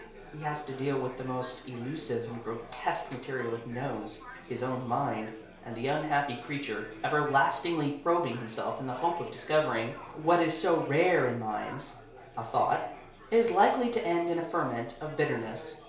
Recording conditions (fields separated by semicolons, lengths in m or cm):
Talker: one person; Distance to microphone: 1.0 m; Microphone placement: close; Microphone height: 1.1 m; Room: small (3.7 m by 2.7 m); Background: babble